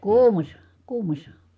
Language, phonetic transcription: Finnish, kuumas̆sa , kuumas̀a .
- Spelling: kuumassa kuumassa

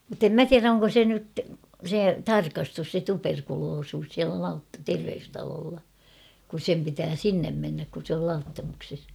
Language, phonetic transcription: Finnish, mᵘttem "mä "tiärä oŋko 'se nyt , 'se "tarkastus se "tuperkuloosuus siälä Laut- 'terveystaloolla , kus 'sem pitää "sinnem mennäk kun̬ sᵉ ‿ol 'Lauttamukses .
- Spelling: mutta en minä tiedä onko se nyt se tarkastus se tuberkuloisuus siellä - terveystalolla kun sen pitää sinne mennä kun se oli Lauttamuksessa

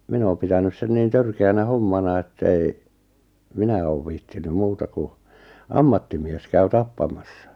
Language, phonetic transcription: Finnish, 'min ‿ooᵐ 'pitänys 'sen niin "törke₍änä "hommana että ei , "minä oov 'viihtiny "muuta ku , "ammattimies 'käy "tappamassa .
- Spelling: minä olen pitänyt sen niin törkeänä hommana että ei minä ole viitsinyt muuta kun ammattimies käy tappamassa

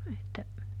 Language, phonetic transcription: Finnish, että ,.
- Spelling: että

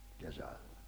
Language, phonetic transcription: Finnish, 'kesälʟᴀ̈ .
- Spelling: kesällä

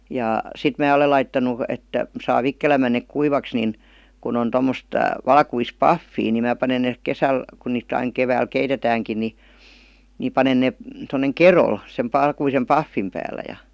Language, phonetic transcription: Finnish, jà , 'sit mää ole laittanu , et , saa 'vikkelämmän nèk "kuivaks nin , kun on 'tommost , 'valkuis "paffii ni mää panen ne , 'kesäl , kun niit ‿aiŋ 'kevääl "keitetääŋkin ni , ni 'panen nè , tonneŋ "kerol , sem 'p§alkuisem "paffim pääl̆lä ja .
- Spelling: ja sitten minä olen laittanut että saa vikkelämmin ne kuivaksi niin kun on tuommoista valkoista pahvia niin minä panen ne kesällä kun niitä aina keväällä keitetäänkin niin niin panen ne tuonne kedolle sen valkoisen pahvin päällä ja

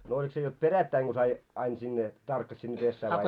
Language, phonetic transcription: Finnish, no 'olik se jot 'perättäiŋ ɢo sai , 'ain sinne , 'tarkkas sinne 'pessää vai ?
- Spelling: no oliko se jotta perättäin kun sai aina sinne tarkkasi sinne pesään vai

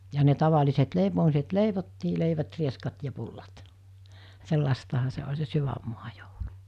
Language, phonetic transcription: Finnish, ja ne 'tavaliset 'leipomiset "leivottii 'leivät rieskat ja pullat , 'sellastaha se oĺ se 'syvämmua joulu .
- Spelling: ja ne tavalliset leipomiset leivottiin leivät rieskat ja pullat sellaistahan se oli se sydänmaa joulu

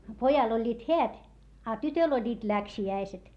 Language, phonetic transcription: Finnish, pojal ‿oĺĺiit heät , a tytöl ‿oĺĺiit läksi₍äiset .
- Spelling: pojalla olivat häät a tytöllä olivat läksiäiset

